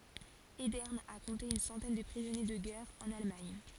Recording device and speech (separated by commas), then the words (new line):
forehead accelerometer, read sentence
Edern a compté une centaine de prisonniers de guerre en Allemagne.